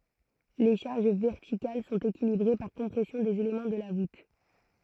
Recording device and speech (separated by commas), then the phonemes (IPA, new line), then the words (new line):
throat microphone, read sentence
le ʃaʁʒ vɛʁtikal sɔ̃t ekilibʁe paʁ kɔ̃pʁɛsjɔ̃ dez elemɑ̃ də la vut
Les charges verticales sont équilibrées par compression des éléments de la voûte.